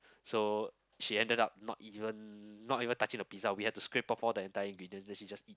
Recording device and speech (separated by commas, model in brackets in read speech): close-talking microphone, conversation in the same room